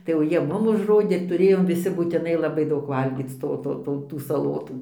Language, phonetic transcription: Lithuanian, tai jau ˈjie ˈmum užˈrodė tuˈrėjom viˈsi būtiˈnai laˈbai ˈdaug ˈvalgyc ˈto ˈto ˈto tų saˈlotų

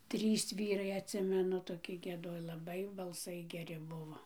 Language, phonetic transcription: Lithuanian, ˈtrys ˈvyrai atˈsimenu toˈki gieˈdoj laˈbai balˈsai geˈri ˈbuvo

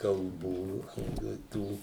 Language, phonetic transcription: Lithuanian, kalˈbų jau i ˈtų

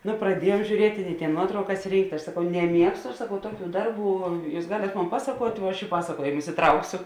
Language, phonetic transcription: Lithuanian, ˈnu praˈdiejuom žiūˈrieti i tėn ˈnuotraukas ˈrynkt' aš saˈkau neˈmiegstu aš saˈkau ˈtuoˌkių ˈdarˌbų ˈjūs ˈgalėt ˈmon ˈpasakuot' vuo ˈaš i ˈpasaˌkuojėmus iˈtrauksio

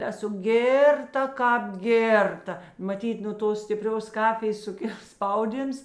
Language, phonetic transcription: Lithuanian, ˈesu ˈgėrˌta ˈkāp ˈgėrˌta maˈtyt nu ˈtos stiˈprios ˈkafijės suˈkil ˈspauˌdyms

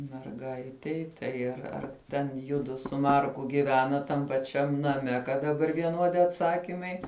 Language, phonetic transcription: Lithuanian, merˈgaitei tai ar ar ˈten ˈjudu su ˈmarku giˈvenat tam paˈčiam naˈme kad daˈbar vieˈnuodi atˈsakimai

